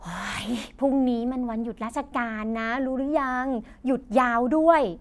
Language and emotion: Thai, frustrated